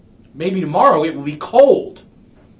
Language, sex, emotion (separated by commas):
English, male, neutral